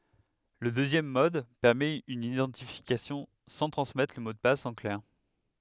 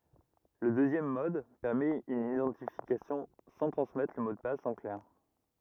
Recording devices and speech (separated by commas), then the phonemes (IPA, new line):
headset microphone, rigid in-ear microphone, read sentence
lə døzjɛm mɔd pɛʁmɛt yn idɑ̃tifikasjɔ̃ sɑ̃ tʁɑ̃smɛtʁ lə mo də pas ɑ̃ klɛʁ